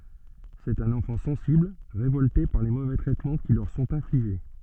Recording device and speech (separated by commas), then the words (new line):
soft in-ear microphone, read sentence
C'est un enfant sensible, révolté par les mauvais traitements qui leur sont infligés.